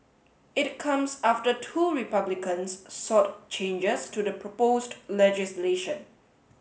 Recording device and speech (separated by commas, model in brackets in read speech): mobile phone (Samsung S8), read sentence